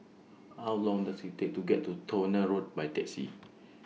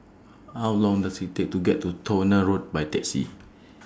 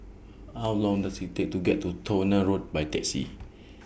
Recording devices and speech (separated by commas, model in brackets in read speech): mobile phone (iPhone 6), standing microphone (AKG C214), boundary microphone (BM630), read sentence